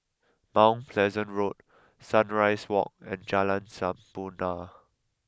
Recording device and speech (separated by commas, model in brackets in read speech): close-talking microphone (WH20), read sentence